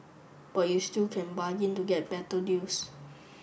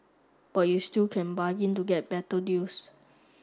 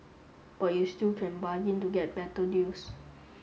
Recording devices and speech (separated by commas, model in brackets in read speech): boundary microphone (BM630), standing microphone (AKG C214), mobile phone (Samsung S8), read sentence